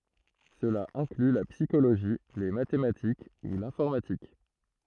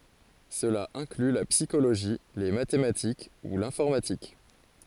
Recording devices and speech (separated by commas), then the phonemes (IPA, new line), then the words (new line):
throat microphone, forehead accelerometer, read sentence
səla ɛ̃kly la psikoloʒi le matematik u lɛ̃fɔʁmatik
Cela inclut la psychologie, les mathématiques ou l'informatique.